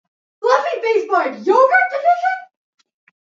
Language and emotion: English, surprised